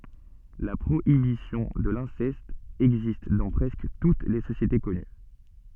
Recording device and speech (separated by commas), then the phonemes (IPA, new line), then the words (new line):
soft in-ear microphone, read sentence
la pʁoibisjɔ̃ də lɛ̃sɛst ɛɡzist dɑ̃ pʁɛskə tut le sosjete kɔny
La prohibition de l'inceste existe dans presque toutes les sociétés connues.